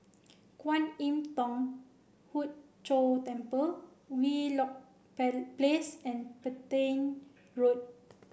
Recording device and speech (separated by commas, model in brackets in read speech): boundary microphone (BM630), read sentence